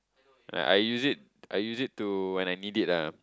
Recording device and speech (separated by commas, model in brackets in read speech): close-talking microphone, conversation in the same room